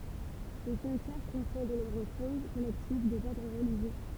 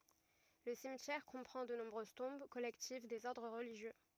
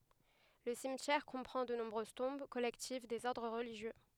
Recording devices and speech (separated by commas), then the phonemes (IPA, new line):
temple vibration pickup, rigid in-ear microphone, headset microphone, read sentence
lə simtjɛʁ kɔ̃pʁɑ̃ də nɔ̃bʁøz tɔ̃b kɔlɛktiv dez ɔʁdʁ ʁəliʒjø